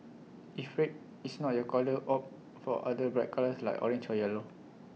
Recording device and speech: mobile phone (iPhone 6), read sentence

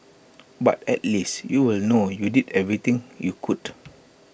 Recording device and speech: boundary microphone (BM630), read sentence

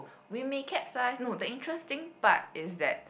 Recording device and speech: boundary microphone, conversation in the same room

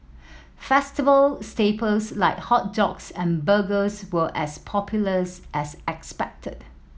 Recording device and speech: mobile phone (iPhone 7), read sentence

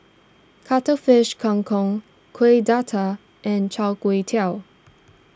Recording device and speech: standing microphone (AKG C214), read sentence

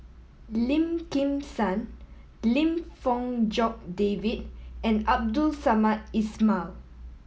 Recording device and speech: mobile phone (iPhone 7), read sentence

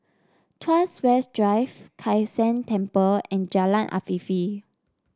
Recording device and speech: standing microphone (AKG C214), read sentence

